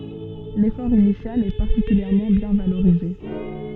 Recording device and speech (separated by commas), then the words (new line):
soft in-ear microphone, read sentence
L'effort initial est particulièrement bien valorisé.